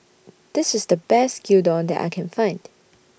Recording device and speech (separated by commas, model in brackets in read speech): boundary microphone (BM630), read sentence